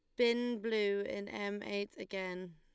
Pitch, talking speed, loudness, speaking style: 200 Hz, 155 wpm, -37 LUFS, Lombard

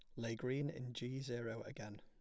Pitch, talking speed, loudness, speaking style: 120 Hz, 200 wpm, -45 LUFS, plain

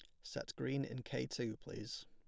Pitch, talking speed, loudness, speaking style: 120 Hz, 195 wpm, -44 LUFS, plain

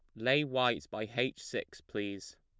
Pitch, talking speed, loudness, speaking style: 110 Hz, 165 wpm, -34 LUFS, plain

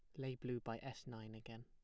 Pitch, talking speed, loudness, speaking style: 120 Hz, 250 wpm, -49 LUFS, plain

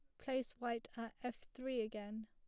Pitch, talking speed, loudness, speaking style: 235 Hz, 175 wpm, -45 LUFS, plain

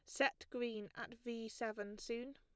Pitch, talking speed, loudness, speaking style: 235 Hz, 165 wpm, -44 LUFS, plain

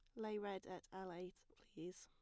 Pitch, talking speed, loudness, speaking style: 185 Hz, 200 wpm, -51 LUFS, plain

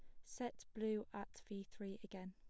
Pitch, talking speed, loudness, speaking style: 205 Hz, 175 wpm, -48 LUFS, plain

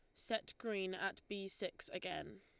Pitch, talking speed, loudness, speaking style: 195 Hz, 165 wpm, -44 LUFS, Lombard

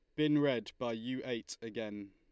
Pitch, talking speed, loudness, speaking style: 120 Hz, 190 wpm, -36 LUFS, Lombard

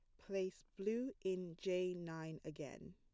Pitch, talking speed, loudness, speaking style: 180 Hz, 130 wpm, -45 LUFS, plain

